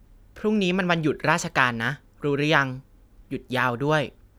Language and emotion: Thai, neutral